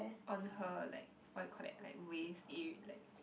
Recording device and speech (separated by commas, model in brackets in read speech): boundary microphone, conversation in the same room